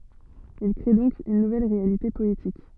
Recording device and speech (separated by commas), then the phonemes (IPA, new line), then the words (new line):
soft in-ear microphone, read sentence
il kʁe dɔ̃k yn nuvɛl ʁealite pɔetik
Il crée donc une nouvelle réalité poétique.